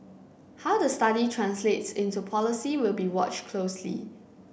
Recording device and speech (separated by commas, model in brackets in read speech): boundary microphone (BM630), read sentence